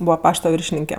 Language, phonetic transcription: Lithuanian, ˈbūva ˈpašta ˈviršininke

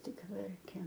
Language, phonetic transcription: Lithuanian, ˈtik ˈverkėm

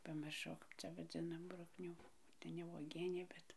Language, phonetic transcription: Lithuanian, pamirˈšau ˈkap cia vaˈdzinam ˈbruknių tai ne uoˈgienė ˈbet

